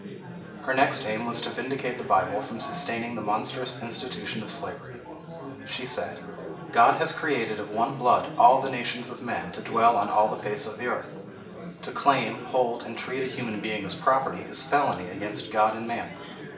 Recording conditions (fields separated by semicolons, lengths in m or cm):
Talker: one person; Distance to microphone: 1.8 m; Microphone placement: close; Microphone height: 1.0 m; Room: large; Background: babble